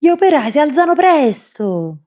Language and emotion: Italian, angry